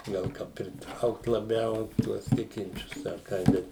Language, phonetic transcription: Lithuanian, ˈgal ˈka priˈtraukt laˈbiau ˈtuos ˈtikinčius ar ˈkai ˈbet

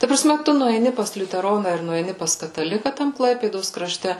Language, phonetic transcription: Lithuanian, ta praˈsme ˈtu nueiˈni pas liuteˈrona ir nueiˈni pas kataˈlika ˈtam ˈklaipėdos kraˈšte

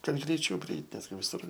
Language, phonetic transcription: Lithuanian, ˈkad greiˈčiau priˈeit' ˈnesgi viˈsur

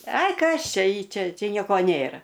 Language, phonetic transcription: Lithuanian, ˈai ˈkas ˈčia ˈy ˈčia ˈčia ˈnieko ˈnėra

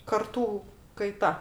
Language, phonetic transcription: Lithuanian, karˈtų kaiˈta

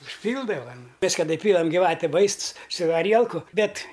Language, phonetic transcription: Lithuanian, užˈpyldava nu ˈmes kaˈda iˈpylam giˈvate ˈvaists su aˈrielku ˈbet

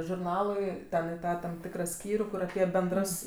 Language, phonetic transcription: Lithuanian, žurˈnaluiˈten i ˈtą ˈtam ˈtikrą ˈskyrių ˈkur aˈpie benˈdras

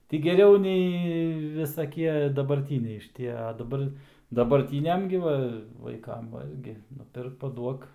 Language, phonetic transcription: Lithuanian, ti geˈriau ˈnei visaˈkie dabarˈtyniai šiˈtie a daˈbar dabarˈtyniam gi ˈva vaiˈkam ˈvalgi nuˈpirk paˈduok

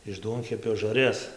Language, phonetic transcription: Lithuanian, iš ˈduonkepio žarˈjas

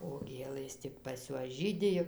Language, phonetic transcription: Lithuanian, o ˈgėlɘs ˈtik pas ˈjuos ˈžydi jau

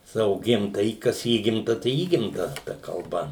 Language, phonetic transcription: Lithuanian, ˈsavo ˈgimtajį ˈkas ˈįgimta tai ˈįgimta ta kalˈba

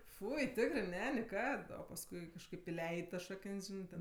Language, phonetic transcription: Lithuanian, ˈfui ˈtikrɜ ˈne niˈkad o pasˈkui kažˈkaip iˈleid' tas ˈšakən's' ˈžinɜ ten

